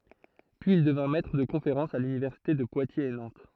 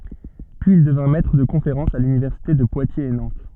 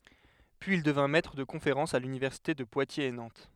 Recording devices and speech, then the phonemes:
throat microphone, soft in-ear microphone, headset microphone, read sentence
pyiz il dəvjɛ̃ mɛtʁ də kɔ̃feʁɑ̃sz a lynivɛʁsite də pwatjez e nɑ̃t

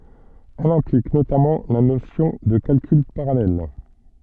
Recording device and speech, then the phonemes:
soft in-ear microphone, read sentence
ɛl ɛ̃plik notamɑ̃ la nosjɔ̃ də kalkyl paʁalɛl

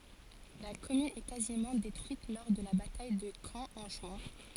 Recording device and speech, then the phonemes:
forehead accelerometer, read sentence
la kɔmyn ɛ kazimɑ̃ detʁyit lɔʁ də la bataj də kɑ̃ ɑ̃ ʒyɛ̃

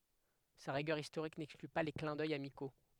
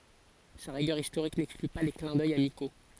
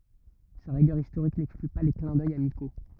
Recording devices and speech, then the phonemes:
headset microphone, forehead accelerometer, rigid in-ear microphone, read sentence
sa ʁiɡœʁ istoʁik nɛkskly pa le klɛ̃ dœj amiko

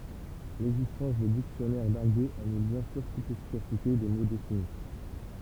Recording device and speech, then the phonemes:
temple vibration pickup, read sentence
lɛɡzistɑ̃s də diksjɔnɛʁ daʁɡo anyl bjɛ̃ syʁ tut lefikasite de mo defini

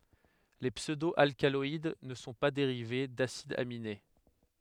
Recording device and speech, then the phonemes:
headset microphone, read sentence
le psødo alkalɔid nə sɔ̃ pa deʁive dasidz amine

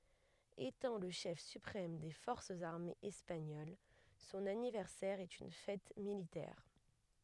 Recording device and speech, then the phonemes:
headset microphone, read sentence
etɑ̃ lə ʃɛf sypʁɛm de fɔʁsz aʁmez ɛspaɲol sɔ̃n anivɛʁsɛʁ ɛt yn fɛt militɛʁ

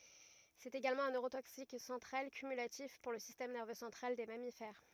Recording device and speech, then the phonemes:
rigid in-ear microphone, read sentence
sɛt eɡalmɑ̃ œ̃ nøʁotoksik sɑ̃tʁal kymylatif puʁ lə sistɛm nɛʁvø sɑ̃tʁal de mamifɛʁ

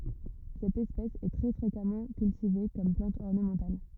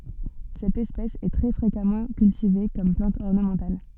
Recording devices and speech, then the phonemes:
rigid in-ear microphone, soft in-ear microphone, read sentence
sɛt ɛspɛs ɛ tʁɛ fʁekamɑ̃ kyltive kɔm plɑ̃t ɔʁnəmɑ̃tal

